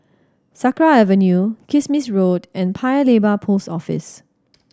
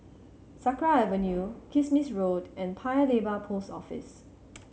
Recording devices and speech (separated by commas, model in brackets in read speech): standing microphone (AKG C214), mobile phone (Samsung C7100), read sentence